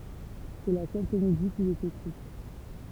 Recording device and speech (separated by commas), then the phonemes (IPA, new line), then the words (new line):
temple vibration pickup, read sentence
sɛ la sœl komedi kil ɛt ekʁit
C’est la seule comédie qu'il ait écrite.